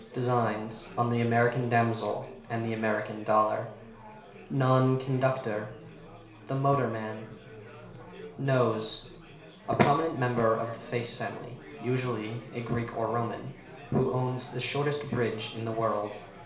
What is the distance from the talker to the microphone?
1.0 m.